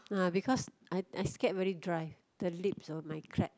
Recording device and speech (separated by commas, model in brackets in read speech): close-talking microphone, conversation in the same room